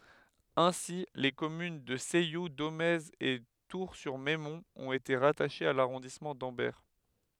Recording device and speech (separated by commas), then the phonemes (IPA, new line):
headset microphone, read sentence
ɛ̃si le kɔmyn də sɛju domɛz e tuʁsyʁmɛmɔ̃t ɔ̃t ete ʁataʃez a laʁɔ̃dismɑ̃ dɑ̃bɛʁ